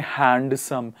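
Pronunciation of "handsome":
'Handsome' is pronounced incorrectly here.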